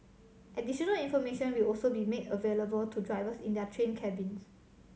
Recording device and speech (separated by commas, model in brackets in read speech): mobile phone (Samsung C7100), read sentence